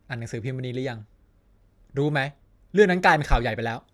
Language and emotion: Thai, frustrated